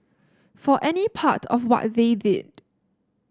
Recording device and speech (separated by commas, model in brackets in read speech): standing microphone (AKG C214), read sentence